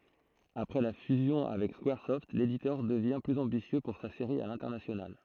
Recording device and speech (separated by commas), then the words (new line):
throat microphone, read sentence
Après la fusion avec Squaresoft, l'éditeur devient plus ambitieux pour sa série à l'international.